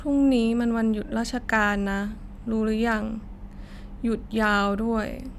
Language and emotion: Thai, frustrated